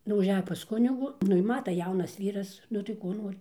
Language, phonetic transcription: Lithuanian, nu užˈejo pas ˈkunigų ˈnu i ˈmata ˈjaunas ˈvyras ˈnu tai ˈko ˈnori

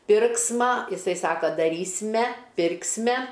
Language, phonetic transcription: Lithuanian, ˈpirksma iˈsai ˈsaka daˈrys'me ˈpirk's'me

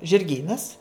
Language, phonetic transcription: Lithuanian, žirˈgynas

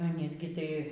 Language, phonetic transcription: Lithuanian, aˈnys gi tai ˈis ˈgi ˈtai

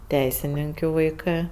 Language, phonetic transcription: Lithuanian, ˈteisininkiu vaiˈkɜ

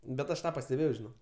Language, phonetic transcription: Lithuanian, bet ˈaš ˈtą pasteˈbėjau žiˈnok

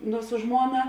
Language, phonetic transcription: Lithuanian, nu su ˈžmuona

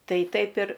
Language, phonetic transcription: Lithuanian, ˈtai ˈtaip ir

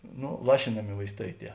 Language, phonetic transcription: Lithuanian, ˈno ˈlašinami vaisˈtai ˈtie

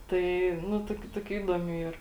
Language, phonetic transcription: Lithuanian, tai ˈnu ˈtokiu ˈtokiu ˈįdomių ˈyr

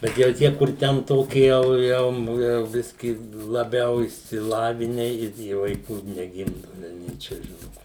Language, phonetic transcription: Lithuanian, bet jau ˈtie kur ˈten ˈtoki ˈjau ˈjau jau ˈbiskį laˈbiau išsiˈlavine ir ˈjie vaiˈkų neˈgimdu velˈniai čia ˈžinu

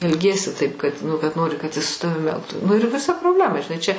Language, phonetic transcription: Lithuanian, elˈgiesi taip kad nu kad ˈnori kad is su ˈtavim ˈelgtu nu ir viˈsa probˈlema žiˈnai čia

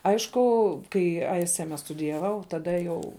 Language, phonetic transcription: Lithuanian, ˈaišku ˈkai ˈai ˈsi ˈeme studijaˈvau taˈda jau

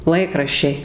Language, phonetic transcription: Lithuanian, ˈlaikraščiai

